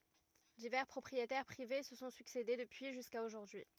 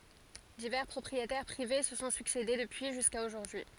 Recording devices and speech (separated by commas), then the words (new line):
rigid in-ear microphone, forehead accelerometer, read sentence
Divers propriétaires privés se sont succédé depuis jusqu'à aujourd'hui.